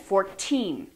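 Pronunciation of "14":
In 'fourteen', the stress is on the second syllable, and the voice goes up at the end.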